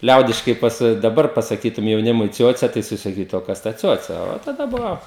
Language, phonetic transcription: Lithuanian, ˈliaudiškai ˈpasa daˈbar pasaˈkytum jauˈnimui ˈciuoce tai jiˈsai saˈkytu o ˈkas ta ˈciuoce o taˈda ˈbuvo

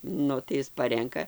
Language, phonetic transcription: Lithuanian, ˈnu tai ˈis ˈparenka

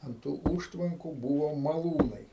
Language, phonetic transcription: Lithuanian, ant ˈtų ˈūžtvanku ˈbūvo maˈlūnai

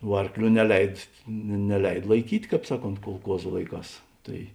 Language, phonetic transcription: Lithuanian, vuo ˈarkˌlių neˈleid ne neˈleid laiˈkyt' ˈkāp ˈsaˌkont kulˈkuozu ˈlaiˌkās ˈtai

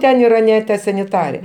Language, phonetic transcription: Lithuanian, ˈten yˈraˈne ta saniˈtare

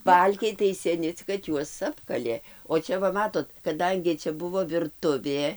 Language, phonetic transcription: Lithuanian, ˈbalkiai tai seˈni cik kad ˈjuos ˈapkalė o ˈčia va ˈmatot kaˈdangi ˈčia ˈbuvo virˈtuvė

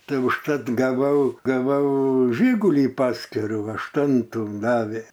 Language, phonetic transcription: Lithuanian, ˈtai užˈtat gaˈvau gaˈvau ˈžygulį ˈpaskirų ašˈtuntų ˈdavė

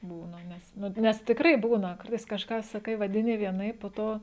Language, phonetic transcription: Lithuanian, ˈbūna ˈnes ˈnu ˈnes tikˈrai ˈbūna ˈkartais kažˈką saˈkai vadiˈni vieˈnaip po ˈto

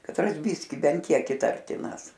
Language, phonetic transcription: Lithuanian, katˈras ˈbiski ˈbent ˈkiek iˈtartinas

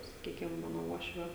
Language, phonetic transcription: Lithuanian, saˈkykim ˈmano ˈuošvio

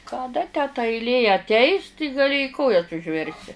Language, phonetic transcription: Lithuanian, kaˈda tę ta ailˈė atˈeis ti gaˈli i ˈkojas užˈversi

